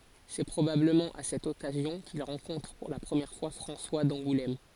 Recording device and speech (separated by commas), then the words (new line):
forehead accelerometer, read sentence
C'est probablement à cette occasion qu'il rencontre pour la première fois François d'Angoulême.